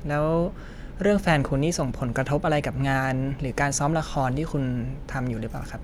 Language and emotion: Thai, neutral